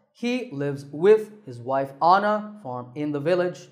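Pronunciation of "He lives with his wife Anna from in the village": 'He lives with his wife on a farm in the village' is said with a completely wrong rhythm.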